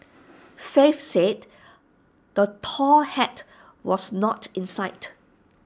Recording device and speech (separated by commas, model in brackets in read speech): standing microphone (AKG C214), read sentence